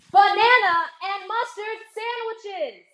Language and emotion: English, angry